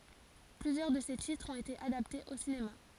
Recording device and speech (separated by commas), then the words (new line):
forehead accelerometer, read sentence
Plusieurs de ses titres ont été adaptés au cinéma.